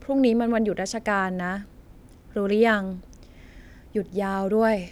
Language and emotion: Thai, frustrated